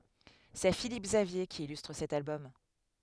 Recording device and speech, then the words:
headset microphone, read sentence
C'est Philippe Xavier qui illustre cet album.

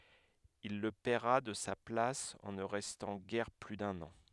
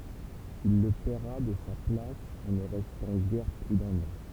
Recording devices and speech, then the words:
headset microphone, temple vibration pickup, read sentence
Il le paiera de sa place en ne restant guère plus d'un an.

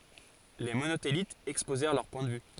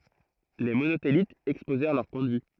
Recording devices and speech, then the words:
forehead accelerometer, throat microphone, read sentence
Les Monothélites exposèrent leur point de vue.

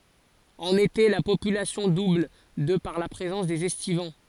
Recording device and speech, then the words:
forehead accelerometer, read sentence
En été, la population double de par la présence des estivants.

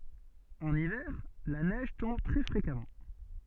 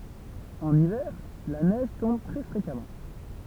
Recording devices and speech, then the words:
soft in-ear microphone, temple vibration pickup, read sentence
En hiver, la neige tombe très fréquemment.

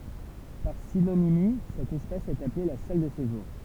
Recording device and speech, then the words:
temple vibration pickup, read sentence
Par synonymie, cet espace est appelé la salle de séjour.

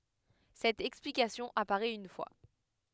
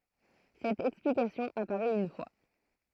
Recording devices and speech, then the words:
headset microphone, throat microphone, read sentence
Cette explication apparait une fois.

